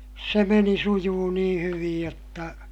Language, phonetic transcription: Finnish, se meni sujuu niḭ hyvij jotta ,.
- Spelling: se meni sujui niin hyvin jotta

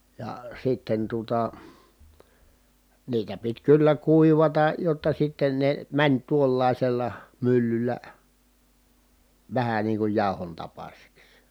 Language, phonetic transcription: Finnish, ja sitten tuᵒta , niitä pit kyllä kuivata , jotta sitten ne , mäń tuollàisella myllyllä , vähä niiŋ kuj jàohon tapasiks .
- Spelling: ja sitten tuota niitä piti kyllä kuivata jotta sitten ne meni tuollaisella myllyllä vähän niin kuin jauhon tapaisiksi

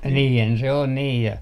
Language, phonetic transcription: Finnish, 'niihän se on nii ja .
- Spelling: niinhän se on niin ja

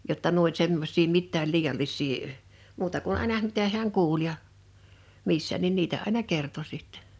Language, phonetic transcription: Finnish, jotta nuo ‿oĺ 'semmos̆sii 'mittääl 'liiʲallis̆sii , muuta kun 'àena (hᵃ̈m) 'mitä hiäŋ "kuul ja , "missä nin 'niitä àḙna "kerto sittᴇɴ .
- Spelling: jotta nuo oli semmoisia mitään liiallisia muuta kuin aina hän mitä hän kuuli ja missä niin niitä aina kertoi sitten

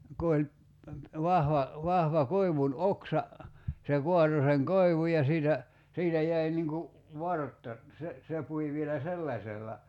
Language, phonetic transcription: Finnish, 'ku oĺ , 'vahva , 'vahva 'koi̬vun "oksa , se 'kuato seŋ "koivuj ja siitä , 'siitä jäi niŋ ku , 'vartta , se , se 'pui vielä "sellaśella .
- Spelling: kun oli vahva vahva koivun oksa se kaatoi sen koivun ja siitä siitä jäi niin kuin vartta se se pui vielä sellaisella

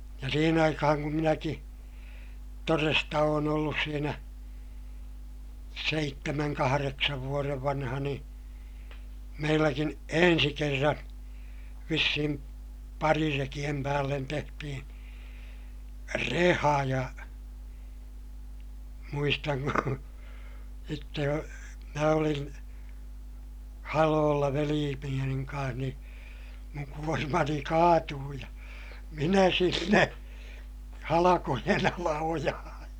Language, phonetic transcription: Finnish, ja siihen ‿aikahaŋ kum minäki , toresta oon ‿ollus siinä , seittemäŋ kahareksav vuorev vanha nii , meilläkin , ensi kerran , vissihim parirekiʲem päällen tehtihin̬ , reha ja , muistaŋ ku , sitte jo , mä olin , haloolla velii Penijamiŋ kaa̰h nii , muŋ kuormani kaatuu ja , minä sinne , halakojen ‿ala ojahaa̰ .
- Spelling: ja siihen aikaan kun minäkin todesta olen ollut siinä seitsemän kahdeksan vuoden vanha niin meilläkin ensi kerran vissiin parirekien päälle tehtiin reha ja muistan kun sitten jo minä olin haloilla veli Benjamin kanssa niin minun kuormani kaatui ja minä sinne halkojen alle ojaan

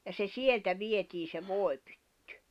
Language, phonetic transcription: Finnish, ja se 'sieltä 'vietii se 'vòi̬pʏttʏ .
- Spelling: ja se sieltä vietiin se voipytty

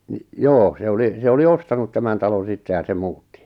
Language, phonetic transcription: Finnish, nⁱ , "joo se 'oli , se 'oli "ostanut 'tämän talon̬ 'sitte ja se 'muutti .
- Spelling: no joo se oli se oli ostanut tämän talon sitten ja se muutti

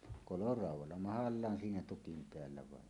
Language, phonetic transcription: Finnish, 'koloràuw̆walla "mahallaan siinä 'tukim 'peällä vaen .
- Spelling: koloraudalla mahallaan siinä tukin päällä vain

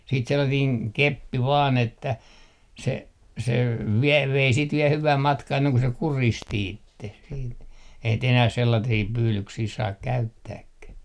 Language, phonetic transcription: Finnish, siit 'sellatiiŋ "keppi 'vaan ‿että , se , se , 'viɛl vei siit viɛ 'hyväm 'matkaa 'enneŋ ku se "kuristi 'itteh siit , eihän t ‿enäh 'sellatii 'pyylyksii 'saak "käyttääkkäh .
- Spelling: sitten sellainen keppi vain että se se vielä vei sitten vielä hyvän matkaa ennen kuin se kuristi itsensä sitten eihän nyt enää sellaisia pyydyksiä saa käyttääkään

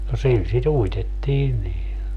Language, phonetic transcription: Finnish, no 'sil si"t ‿uitettiin nii .
- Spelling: no sillä sitä uitettiin niin

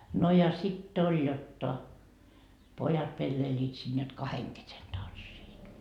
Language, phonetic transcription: Finnish, no ja 'sit't ‿oĺ jotta , 'pojat 'pelleiliit siin jot "kaheŋ kesen 'tanssiit .
- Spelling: no ja sitten oli jotta pojat pelleilivät siinä jotta kahden kesken tanssivat

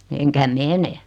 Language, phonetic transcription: Finnish, 'eŋkä "mene .
- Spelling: enkä mene

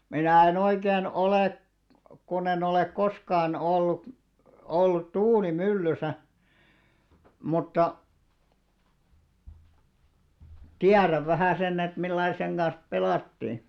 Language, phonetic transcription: Finnish, 'minä̀ e'n ‿oikeen 'olè , kunn ‿en ‿olèk 'koskaan ollut , 'ollut "tuuli"myllysä , mutta , "tiäräv 'vähä̀ senn ‿et 'millai seŋ ɢans 'pelàttii .
- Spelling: minä en oikein ole kun en ole koskaan ollut ollut tuulimyllyssä mutta tiedän vähän sen että millä lailla sen kanssa pelattiin

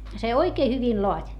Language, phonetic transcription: Finnish, se oikee hyvin loat́ .
- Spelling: se oikein hyvin laati

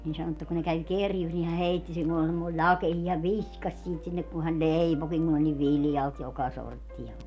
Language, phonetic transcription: Finnish, niin 'sano että kun ne 'käw "kerjus ni hä 'heitti - siin ‿oĺ semmoi "ĺakehii - häv "viskaś siit sinnek kun hän "leipokiŋ kun ‿oĺ niv "viljalt 'joka 'sortti₍a .
- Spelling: niin sanoi että kun ne kävi kerjuussa niin hän heitti siinä oli semmoisia lakeisia hän viskasi siitä sinne kun hän leipoikin kun oli niin viljalti joka sorttia

